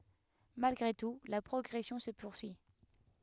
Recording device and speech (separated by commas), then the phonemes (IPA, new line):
headset microphone, read sentence
malɡʁe tu la pʁɔɡʁɛsjɔ̃ sə puʁsyi